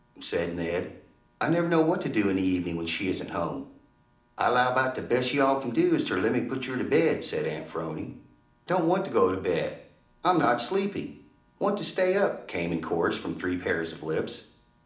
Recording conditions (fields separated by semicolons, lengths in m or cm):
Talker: one person; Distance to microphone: 2.0 m; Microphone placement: close; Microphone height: 99 cm; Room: medium-sized (5.7 m by 4.0 m); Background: none